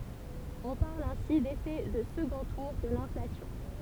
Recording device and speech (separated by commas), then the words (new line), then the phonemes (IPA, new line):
temple vibration pickup, read sentence
On parle ainsi d'effet de second tour de l'inflation.
ɔ̃ paʁl ɛ̃si defɛ də səɡɔ̃ tuʁ də lɛ̃flasjɔ̃